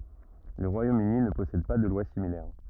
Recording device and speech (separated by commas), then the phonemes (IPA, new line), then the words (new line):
rigid in-ear microphone, read sentence
lə ʁwajomøni nə pɔsɛd pa də lwa similɛʁ
Le Royaume-Uni ne possède pas de loi similaire.